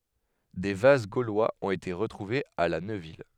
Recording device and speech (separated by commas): headset microphone, read sentence